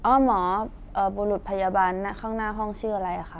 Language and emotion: Thai, neutral